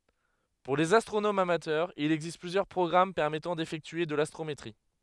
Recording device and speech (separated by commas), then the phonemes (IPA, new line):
headset microphone, read sentence
puʁ lez astʁonomz amatœʁz il ɛɡzist plyzjœʁ pʁɔɡʁam pɛʁmɛtɑ̃ defɛktye də lastʁometʁi